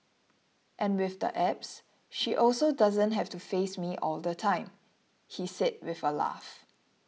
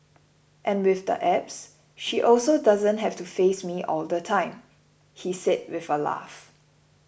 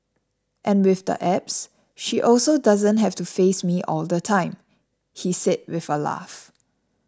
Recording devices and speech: mobile phone (iPhone 6), boundary microphone (BM630), standing microphone (AKG C214), read sentence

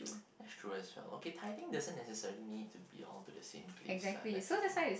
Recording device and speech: boundary microphone, conversation in the same room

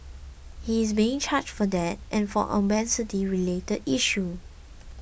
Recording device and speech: boundary microphone (BM630), read sentence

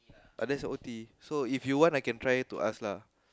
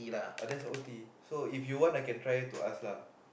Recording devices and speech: close-talking microphone, boundary microphone, conversation in the same room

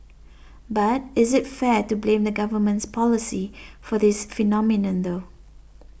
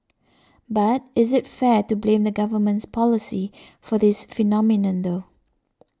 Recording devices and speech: boundary microphone (BM630), standing microphone (AKG C214), read sentence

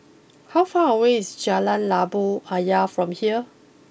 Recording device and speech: boundary microphone (BM630), read sentence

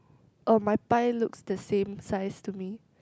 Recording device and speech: close-talking microphone, conversation in the same room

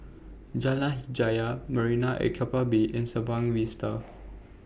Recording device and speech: boundary microphone (BM630), read sentence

